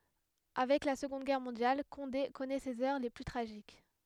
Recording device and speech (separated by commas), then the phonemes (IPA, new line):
headset microphone, read sentence
avɛk la səɡɔ̃d ɡɛʁ mɔ̃djal kɔ̃de kɔnɛ sez œʁ le ply tʁaʒik